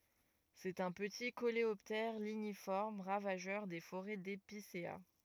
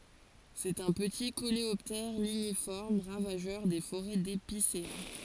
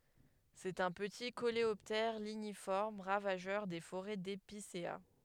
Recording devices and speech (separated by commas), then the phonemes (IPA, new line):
rigid in-ear microphone, forehead accelerometer, headset microphone, read sentence
sɛt œ̃ pəti koleɔptɛʁ liɲifɔʁm ʁavaʒœʁ de foʁɛ depisea